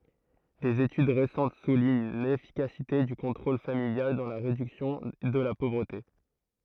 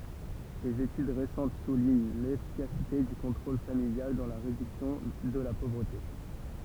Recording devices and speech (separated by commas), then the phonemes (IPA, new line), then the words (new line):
throat microphone, temple vibration pickup, read sentence
dez etyd ʁesɑ̃t suliɲ lefikasite dy kɔ̃tʁol familjal dɑ̃ la ʁedyksjɔ̃ də la povʁəte
Des études récentes soulignent l’efficacité du contrôle familial dans la réduction de la pauvreté.